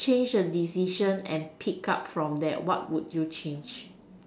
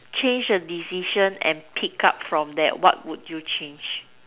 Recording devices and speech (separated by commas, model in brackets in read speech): standing microphone, telephone, conversation in separate rooms